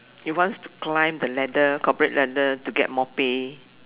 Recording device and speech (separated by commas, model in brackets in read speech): telephone, conversation in separate rooms